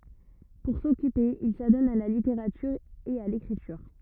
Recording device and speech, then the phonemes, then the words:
rigid in-ear microphone, read sentence
puʁ sɔkype il sadɔn a la liteʁatyʁ e a lekʁityʁ
Pour s'occuper, il s'adonne à la littérature et à l’écriture.

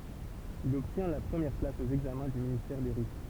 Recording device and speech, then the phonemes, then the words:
temple vibration pickup, read sentence
il ɔbtjɛ̃ la pʁəmjɛʁ plas o ɛɡzamɛ̃ dy ministɛʁ de ʁit
Il obtient la première place au examens du ministère des Rites.

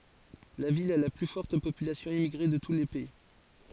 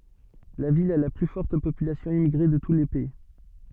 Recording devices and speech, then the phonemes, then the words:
forehead accelerometer, soft in-ear microphone, read sentence
la vil a la ply fɔʁt popylasjɔ̃ immiɡʁe də tu lə pɛi
La ville a la plus forte population immigrée de tout le pays.

